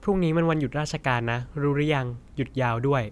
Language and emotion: Thai, neutral